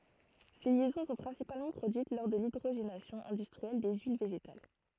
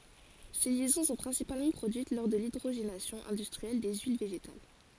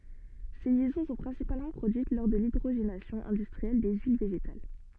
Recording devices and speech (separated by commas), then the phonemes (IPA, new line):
throat microphone, forehead accelerometer, soft in-ear microphone, read sentence
se ljɛzɔ̃ sɔ̃ pʁɛ̃sipalmɑ̃ pʁodyit lɔʁ də lidʁoʒenasjɔ̃ ɛ̃dystʁiɛl de yil veʒetal